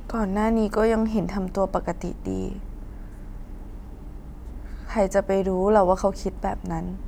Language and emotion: Thai, sad